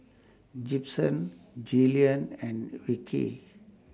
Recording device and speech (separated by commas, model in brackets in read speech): standing microphone (AKG C214), read sentence